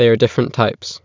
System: none